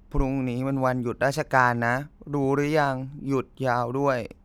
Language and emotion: Thai, frustrated